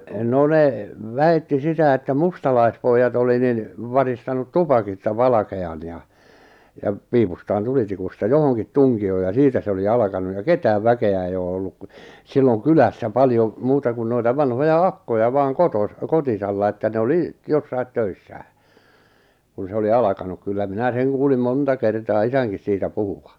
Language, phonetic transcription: Finnish, 'no ne , "väi̬tti 'sitä että 'mustalaispoijjat ‿oli nin , 'varistanut "tupakista 'valake₍an ja , jap , 'piipustaan 'tulitikusta "johoŋkit 'tuŋki₍oo ja "siitä 'se oli "alᵃkanu ja "ketääv "väke₍ä ei oo ollu ku , silloŋ "kylässä "paljo , muuta kun noita 'vanhoja "akkoja vaaŋ 'kotos- , 'kotisalla että ne 'oli , 'jossait 'töissää , kun se oli "alakanuk kyllä 'minä "seŋ kuulim "monta kertaa "isäŋkis 'siitä "puhuva .
- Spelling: no ne väitti sitä että mustalaispojat oli niin varistanut tupakista valkean ja ja piipustaan tulitikusta johonkin tunkioon ja siitä se oli alkanut ja ketään väkeä ei ole ollut kun silloin kylässä paljon muuta kuin noita vanhoja akkoja vain - kotosalla että ne oli jossakin töissään kun se oli alkanut kyllä minä sen kuulin monta kertaa isänkin siitä puhuvan

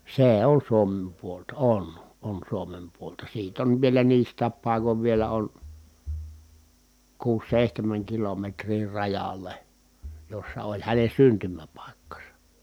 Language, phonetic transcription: Finnish, see on Suomem puolta , on , on Suomem puolta siit ‿on vielä niist̀ääp pài̮kov vielä on , kuus sèihtemäŋ kilometrii rajale , jossa oĺ hänen̬ syntymäpàikkasa .
- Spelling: se on Suomen puolta on on Suomen puolta siitä on vielä niistä paikoin vielä on kuusi seitsemän kilometriä rajalle jossa oli hänen syntymäpaikkansa

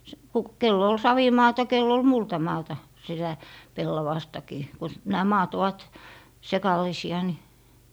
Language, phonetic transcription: Finnish, s- , ku - 'kell ‿ol "savimaata 'kell ‿ol "multamaata , sitä , "pellavastakii , ku , 'nää "maat ovat , 'sekalᵃisi₍a ni ,.
- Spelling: - kun kenellä oli savimaata kenellä oli multamaata sitä pellavastakin kun nämä maat ovat sekalaisia niin

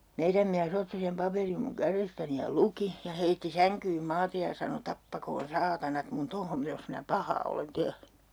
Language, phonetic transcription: Finnish, 'meiräm miä's ‿otti sem 'paperim muŋ "kärestäni ja "luki , ja 'heitti säŋkyym 'maatej ja sano » 'tappakoon "saatanat mun 'tohom - jos minä "pahaa olen 'tehny » .
- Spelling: meidän mies otti sen paperin minun kädestäni ja luki ja heitti sänkyyn maate ja sanoi tappakoon saatanat minun tuohon jos minä pahaa olen tehnyt

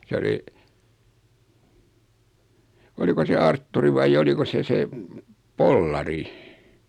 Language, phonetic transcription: Finnish, 'sᵉ oli , 'oliko se "Artturi vai'j ‿oliko se 'se , "Pollari ?
- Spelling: se oli oliko se Artturi vai oliko se se Pollari

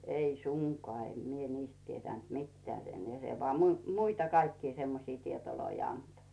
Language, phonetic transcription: Finnish, 'ei "suŋkoà , em mie 'niist tietä̀nt "mittᵉä̀ sen ja 'se voà 'mui- "muita kaikkii semmosii 'tietoloi anto .
- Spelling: ei suinkaan en minä niistä tiennyt mitään sen ja se vain - muita kaikkia semmoisia tietoja antoi

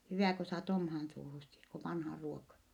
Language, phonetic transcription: Finnish, hyvä̀ ko saat omhaan suuhussi , k ‿o vanhà ruoka ! »
- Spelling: hyvä kun saat omaan suuhusi kun on vanha ruoka

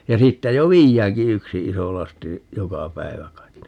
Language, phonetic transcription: Finnish, ja 'siittä jo "viijjääŋki 'yksi 'iso 'lasti , 'joka "päivä kait .
- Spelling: ja siitä jo viedäänkin yksi iso lasti joka päivä kai

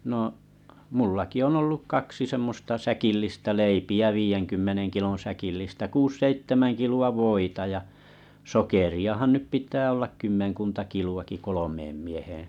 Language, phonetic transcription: Finnish, no’ , 'mullaki on olluk 'kaksi semmosta 'säkillistä 'leipi₍ä 'viijeŋkymmeneŋ kilon̬ säkillistä 'kuus 'seittemän kilu₍a 'voita ja , 'sokeri₍ahan nyp pit̀ää ollak 'kymmeŋkunta 'kilu₍aki "kolomeem mieheeᵉ̰ .
- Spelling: no minullakin on ollut kaksi semmoista säkillistä leipiä viidenkymmenen kilon säkillistä kuusi seitsemän kiloa voita ja sokeriahan nyt pitää olla kymmenkunta kiloakin kolmeen mieheen

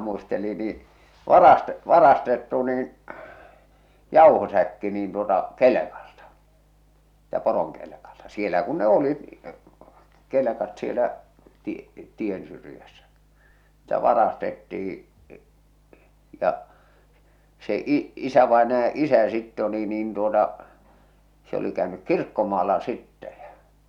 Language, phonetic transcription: Finnish, muisteli nii , 'varaste- , "varastettu niin , "jàuhosäkki niin tuota , "kelekaʟtᴀ , sɪɪtä "poroŋkelᵉkalta , sielä kun ne "olit , "kelᵉkat sielä , ti- , 'tiensyrⁱjässä , sɪʟtä 'varastettih̬ɪ ja , se i- , "isävaenaja "’isä sitte oli niin tuota , se oli käönyk "kirkkomaalla sittɛ ᴊᴀ̈ .
- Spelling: muisteli niin - varastettu niin jauhosäkki niin tuota kelkalta siitä poronkelkalta siellä kun ne olivat kelkat siellä - tiensyrjässä siltä varastettiin ja se - isävainajan isä sitten oli niin tuota se oli käynyt kirkkomaalla sitten ja

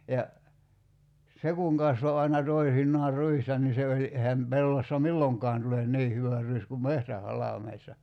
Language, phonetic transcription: Finnish, ja , 'se kuŋ 'kasvo aina 'toisinnaar "ruista ni se oĺi , 'ehäm 'pellossa "milloŋk̀aan tulen "nii hyvä ruis kum "mehtä'halàmeissa .
- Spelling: ja se kun kasvoi aina toisinaan ruista niin se oli eihän pellossa milloinkaan tule niin hyvä ruis kuin metsähalmeissa

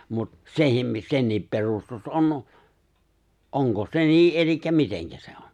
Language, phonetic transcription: Finnish, mut , 'sehim mi- 'se̬nniip perustus '’on , '’oŋko se 'nii’ ’elikkä 'miteŋkä sᴇ ᴏ .
- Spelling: mutta sekin - senkin perustus on onko se niin eli miten se on

